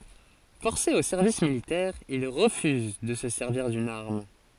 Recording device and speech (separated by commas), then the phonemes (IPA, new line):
forehead accelerometer, read sentence
fɔʁse o sɛʁvis militɛʁ il ʁəfyz də sə sɛʁviʁ dyn aʁm